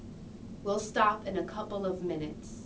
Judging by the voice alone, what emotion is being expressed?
neutral